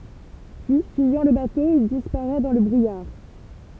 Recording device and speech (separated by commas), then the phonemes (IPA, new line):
temple vibration pickup, read sentence
pyi fyijɑ̃ lə bato il dispaʁɛ dɑ̃ lə bʁujaʁ